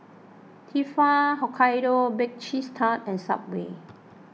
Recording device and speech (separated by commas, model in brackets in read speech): mobile phone (iPhone 6), read sentence